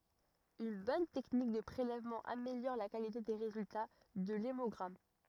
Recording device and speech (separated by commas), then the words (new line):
rigid in-ear microphone, read sentence
Une bonne technique de prélèvement améliore la qualité des résultats de l’hémogramme.